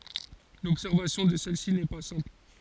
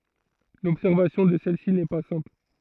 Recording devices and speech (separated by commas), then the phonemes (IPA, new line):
forehead accelerometer, throat microphone, read sentence
lɔbsɛʁvasjɔ̃ də sɛl si nɛ pa sɛ̃pl